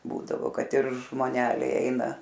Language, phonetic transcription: Lithuanian, ˈbūdavo ˈkad ir žmoˈneliai ˈeina

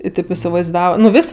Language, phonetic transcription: Lithuanian, i ˈtėp isivaiˈzdava nu ˈvis'

